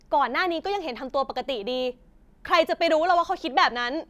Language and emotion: Thai, angry